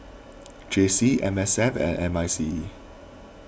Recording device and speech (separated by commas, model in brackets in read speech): boundary microphone (BM630), read sentence